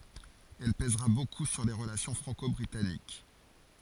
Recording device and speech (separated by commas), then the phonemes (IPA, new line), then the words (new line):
forehead accelerometer, read sentence
ɛl pɛzʁa boku syʁ le ʁəlasjɔ̃ fʁɑ̃kɔbʁitanik
Elle pèsera beaucoup sur les relations franco-britanniques.